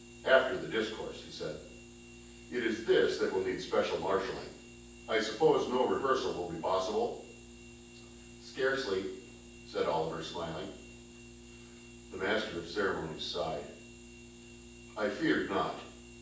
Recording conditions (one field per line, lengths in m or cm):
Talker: one person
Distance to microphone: 9.8 m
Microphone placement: far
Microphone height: 1.8 m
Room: large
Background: none